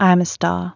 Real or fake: real